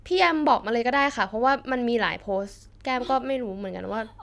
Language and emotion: Thai, frustrated